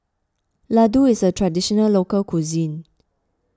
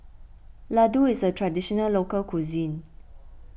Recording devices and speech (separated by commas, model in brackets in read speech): close-talking microphone (WH20), boundary microphone (BM630), read sentence